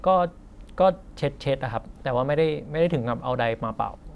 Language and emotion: Thai, neutral